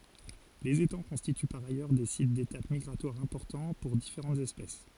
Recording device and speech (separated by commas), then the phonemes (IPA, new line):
forehead accelerometer, read sentence
lez etɑ̃ kɔ̃stity paʁ ajœʁ de sit detap miɡʁatwaʁ ɛ̃pɔʁtɑ̃ puʁ difeʁɑ̃tz ɛspɛs